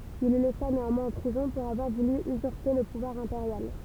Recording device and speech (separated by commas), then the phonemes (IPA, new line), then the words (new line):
temple vibration pickup, read sentence
il lə lɛsa neɑ̃mwɛ̃z ɑ̃ pʁizɔ̃ puʁ avwaʁ vuly yzyʁpe lə puvwaʁ ɛ̃peʁjal
Il le laissa néanmoins en prison pour avoir voulu usurper le pouvoir impérial.